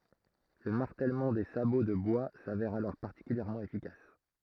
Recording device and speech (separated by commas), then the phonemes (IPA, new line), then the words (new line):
throat microphone, read sentence
lə maʁtɛlmɑ̃ de sabo də bwa savɛʁ alɔʁ paʁtikyljɛʁmɑ̃ efikas
Le martèlement des sabots de bois s'avère alors particulièrement efficace.